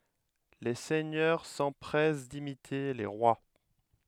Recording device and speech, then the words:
headset microphone, read sentence
Les seigneurs s'empressent d'imiter les rois.

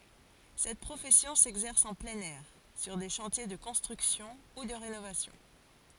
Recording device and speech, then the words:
forehead accelerometer, read sentence
Cette profession s'exerce en plein air, sur des chantiers de construction ou de rénovation.

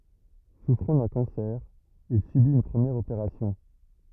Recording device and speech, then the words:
rigid in-ear microphone, read sentence
Souffrant d’un cancer, il subit une première opération.

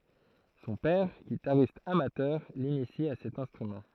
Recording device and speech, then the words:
throat microphone, read sentence
Son père, guitariste amateur, l'initie à cet instrument.

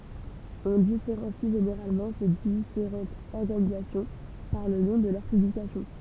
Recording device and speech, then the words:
temple vibration pickup, read sentence
On différencie généralement ces différentes organisations par le nom de leurs publications.

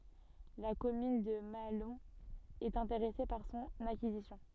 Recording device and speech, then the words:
soft in-ear microphone, read sentence
La commune de Mahalon est intéressée par son acquisition.

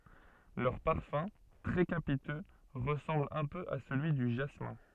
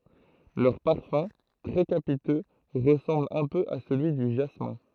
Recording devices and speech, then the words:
soft in-ear microphone, throat microphone, read sentence
Leur parfum, très capiteux, ressemble un peu à celui du jasmin.

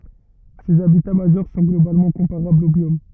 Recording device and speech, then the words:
rigid in-ear microphone, read sentence
Ces habitats majeurs sont globalement comparables aux biomes.

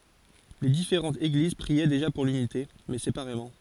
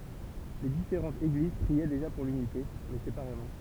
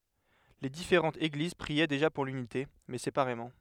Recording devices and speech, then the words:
forehead accelerometer, temple vibration pickup, headset microphone, read sentence
Les différentes Églises priaient déjà pour l'unité, mais séparément.

